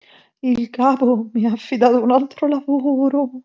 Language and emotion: Italian, fearful